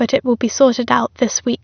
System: none